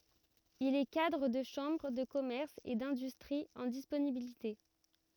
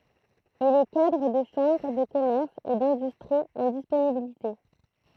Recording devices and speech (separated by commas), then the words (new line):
rigid in-ear microphone, throat microphone, read sentence
Il est cadre de chambre de commerce et d'industrie en disponibilité.